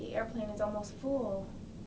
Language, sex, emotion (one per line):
English
female
neutral